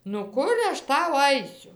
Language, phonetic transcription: Lithuanian, nu ˈkur aš ˈtau ˈaisiu

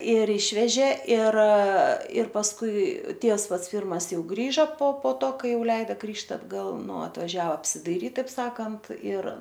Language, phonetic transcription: Lithuanian, ir ˈišvežė ir ir pasˈkui ˈtievs ˈpats ˈpirmas ˈjau ˈgrįža po po ˈto ˈkai ˈjau ˈleida ˈgrįžt atgˈal ˈnu atvaˈžiava apsidaiˈryt taip ˈsakant ir

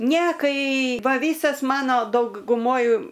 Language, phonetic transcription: Lithuanian, ne ˈkai ˈva ˈvysas ˈmano dauguˈmoj

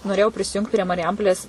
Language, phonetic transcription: Lithuanian, noˈrėjau prisiˈjungt prie mariˈjampolės

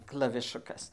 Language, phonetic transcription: Lithuanian, klaviˈšukas

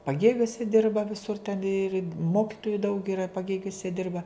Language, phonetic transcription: Lithuanian, paˈgėgiuose ˈdirba viˈsur ten ir ˈmokitoju daug iˈra paˈgėgiuse ˈdirba

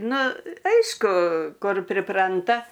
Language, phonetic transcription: Lithuanian, ˈnu ˈaišku ˈkur priˈpranta

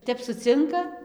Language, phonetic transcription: Lithuanian, ˈtep suˈcinka

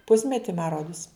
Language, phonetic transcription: Lithuanian, ˈpusmeti ma ˈrodus

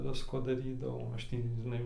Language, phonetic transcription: Lithuanian, ˈvisko daˈrydavau ˈaš ˈtį žiˈnai

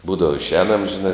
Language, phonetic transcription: Lithuanian, ˈbūdava išˈēnam žiˈnai

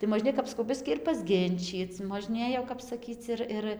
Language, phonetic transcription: Lithuanian, tai moˈžnėj kap saˈkau ˈbiskį ir pasˈginčyc možˈnėj jau kap saˈkyc ir ˈir

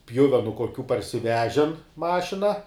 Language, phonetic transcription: Lithuanian, ˈpjuvenu koˈkių parsiˈvežen ˈmašina

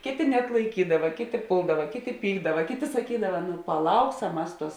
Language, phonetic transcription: Lithuanian, ˈkėˌtė neatlaiˈkydava ˈkėˌtė ˈpuldava ˈkėˌtė ˈpykdava ˈkėˌtė saˈkydava nu paˈlauksam ˈmas ˈtuos

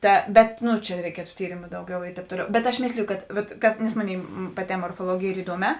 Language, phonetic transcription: Lithuanian, ˈta ˈbet ˈnu čia reiˈkietu ˈtyrėmu ˈdauˌgiau i ˈtēp ˈtoˌliau bet aš ˈmėsliju ˈkad ˈvat kad nes ˈmoˌnėi paˈtē morfoˈluogėj ˈyr iˈduoˌmē

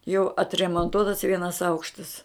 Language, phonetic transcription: Lithuanian, jau atremonˈtuotas ˈvienas ˈaukštas

